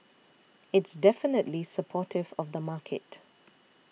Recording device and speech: mobile phone (iPhone 6), read sentence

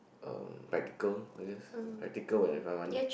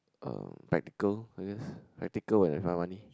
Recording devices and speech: boundary microphone, close-talking microphone, conversation in the same room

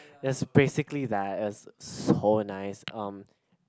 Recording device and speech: close-talking microphone, conversation in the same room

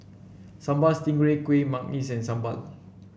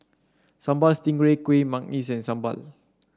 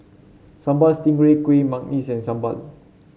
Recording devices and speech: boundary microphone (BM630), standing microphone (AKG C214), mobile phone (Samsung C7), read sentence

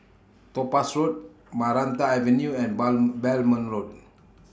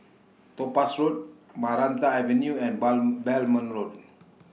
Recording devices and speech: standing microphone (AKG C214), mobile phone (iPhone 6), read sentence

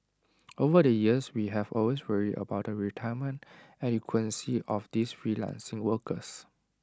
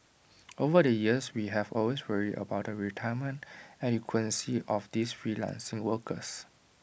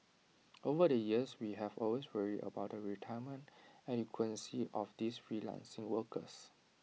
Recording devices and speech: standing microphone (AKG C214), boundary microphone (BM630), mobile phone (iPhone 6), read sentence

